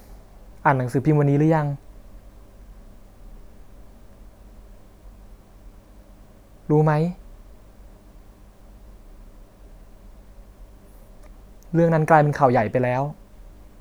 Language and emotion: Thai, sad